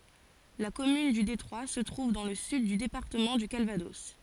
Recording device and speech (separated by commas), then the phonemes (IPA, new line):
forehead accelerometer, read sentence
la kɔmyn dy detʁwa sə tʁuv dɑ̃ lə syd dy depaʁtəmɑ̃ dy kalvadɔs